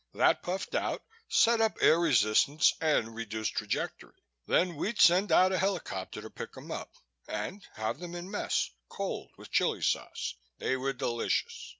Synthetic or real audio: real